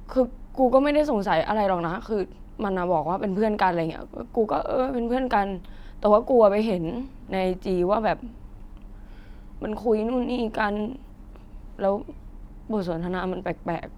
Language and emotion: Thai, sad